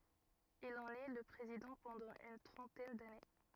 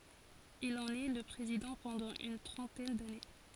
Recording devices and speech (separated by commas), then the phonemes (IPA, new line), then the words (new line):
rigid in-ear microphone, forehead accelerometer, read sentence
il ɑ̃n ɛ lə pʁezidɑ̃ pɑ̃dɑ̃ yn tʁɑ̃tɛn dane
Il en est le président pendant une trentaine d'années.